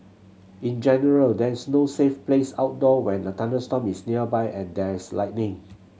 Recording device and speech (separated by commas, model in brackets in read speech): mobile phone (Samsung C7100), read sentence